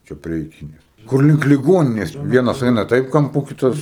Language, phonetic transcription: Lithuanian, ˈčia prie iˈkinės kur ˈlink liˈgoninės ˈvienas ˈaina ˈtaip kamˈpu ˈkitas

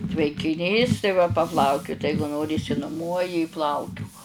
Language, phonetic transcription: Lithuanian, tvenkiˈnys tai ˈva paˈplaukiut ˈeigu ˈnori išsinuˈmuoji i ˈplaukiuk

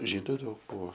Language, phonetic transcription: Lithuanian, ˈžydu ˈdaug ˈbuvo

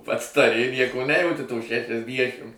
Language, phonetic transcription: Lithuanian, ˈpats taˈri ˈnieko ˈnejauti to šešiasˈdiešim

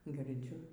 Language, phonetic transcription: Lithuanian, girˈdziu

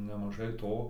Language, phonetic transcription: Lithuanian, nemaˈžai ˈto

